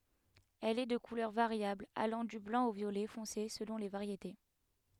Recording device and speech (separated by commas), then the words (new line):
headset microphone, read sentence
Elle est de couleur variable, allant du blanc au violet foncé selon les variétés.